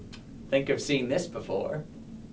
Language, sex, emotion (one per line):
English
male
disgusted